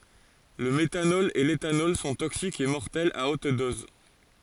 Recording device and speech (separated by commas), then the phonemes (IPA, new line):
forehead accelerometer, read sentence
lə metanɔl e letanɔl sɔ̃ toksikz e mɔʁtɛlz a ot dɔz